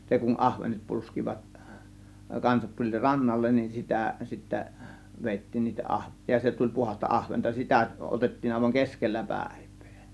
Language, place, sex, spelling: Finnish, Kiihtelysvaara, male, se kun ahvenet polskivat kanssa tuli rannalle niin sitä sitten vedettiin niitä - ja se tuli puhdasta ahventa sitä otettiin aivan keskellä päivää
- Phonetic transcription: se kun 'ahvenet 'pulskivat , kansat tuĺ "rannallen nin 'sitä sittä , 'vèittiin niitä 'ˀahve- , ja 'se tuĺ 'puhas̆ta 'ˀahventa 'sitä 'ˀotettiin àėvaŋ "keskellä "pä̬̀e̬V̆VEE .

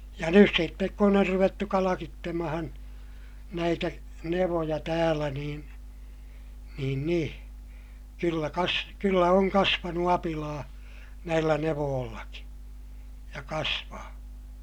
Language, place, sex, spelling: Finnish, Ilmajoki, male, ja nyt sitten kun on ruvettu kalkitsemaan näitä nevoja täällä niin niin niin kyllä - kyllä on kasvanut apilaa näillä nevoillakin ja kasvaa
- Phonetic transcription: ja nys sittek kun ‿or ruvettu kalakittemahan , näitä , nevoja täälä niin̬ , niin niḭ , kyllä kas- , kyllä oŋ kasvanu apilaa , näillä nevoollaki , ja kasvaa .

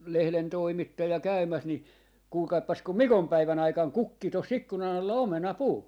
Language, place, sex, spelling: Finnish, Jaala, male, lehden toimittaja käymässä niin kuulkaapas kun mikonpäivän aikana kukki tuossa ikkunan alla omenapuu
- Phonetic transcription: 'lehlen 'toimittaja 'käymäs ni , 'kuulkaippas kum "mikom'päivän ‿aikaŋ "kukki tos 'ikkuna'n ‿alla "omena'puu .

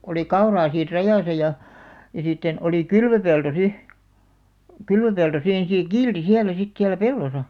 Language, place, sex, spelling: Finnish, Alastaro, female, oli kauraa siinä rajassa ja ja sitten oli kylvöpelto sitten kylvöpelto siinä se kiilsi siellä sitten siellä pellossa
- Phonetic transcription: oli 'kauraa siir 'rajàsa ja , ja sitten , oli "kylvöpelto 'si , 'kylvöpelto "siin see "kiilti 'hiälä sit 'siälä "pellosa .

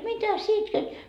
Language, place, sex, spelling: Finnish, Markkova, female, mitä sinä itket
- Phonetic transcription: "mitä sie 'itket ? »

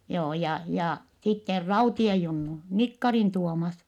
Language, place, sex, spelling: Finnish, Vittanki, female, joo ja ja sitten Raution Junnu Nikkarin Tuomas
- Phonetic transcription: joo ja , ja sitter Rautiej Junnu , Nikkarin Tuomas .

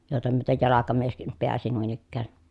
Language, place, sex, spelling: Finnish, Pielisjärvi, female, jokea myöten jalkamieskin pääsi noin ikään
- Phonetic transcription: jòeta myötej jalakamieskim peäsi nuin ‿ikkää .

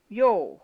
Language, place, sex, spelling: Finnish, Jämsä, female, joo
- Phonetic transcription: jo̭o̭ .

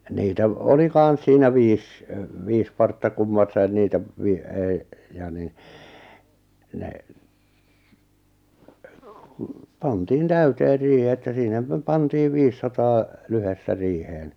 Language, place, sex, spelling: Finnish, Lappajärvi, male, niitä - oli kanssa siinä viisi viisi partta kummassakin niitä - ei ja niin ne kun pantiin täyteen riihi että sinä - pantiin viisisataa lyhdettä riiheen
- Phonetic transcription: niitä v- , oli 'kàn̬s siinä 'viis , 'viis partta 'kummassain 'niitä , vi- , ei , ja ni , ne , ku , 'pantiin "täyteer 'riihⁱ että 'sinä pä- 'pantiiv 'viissataa , 'lyhestä 'riiheen .

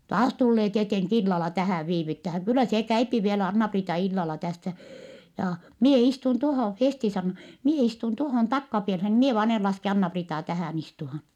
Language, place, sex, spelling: Finnish, Vittanki, female, taas tulee tietenkin illalla tähän viivyttämään kyllä se käy vielä Anna-Priita illalla tässä jaa minä istun tuohon Festi sanoo minä istun tuohon takkapieleen minä vain en laske Anna-Priitaa tähän istumaan
- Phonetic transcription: » taas tullee tieteŋk ‿illala tähä̀v viivyttähäŋ - kyllä see käypi vielä Anna-Priita illala tässä , jaa , mie istun tohò » Festi sanno , » mie istun tohòn takkapielhen , mie vaan en laske Anna-Priitaa tähä̀n ‿istuhan » .

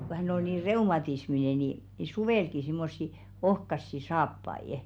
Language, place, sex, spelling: Finnish, Velkua, female, kun hän oli niin reumatisminen niin niin suvellakin semmoisia ohkaisia saappaita
- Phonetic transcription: ko 'hänⁿ ol nii "reumatismine ni , ni "suvèlki simmossi 'ohkassi 'saappai₍ᵊ .

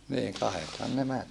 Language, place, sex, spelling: Finnish, Saarijärvi, male, niin kahdethan ne meni
- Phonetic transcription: niiŋ kahethan ne män .

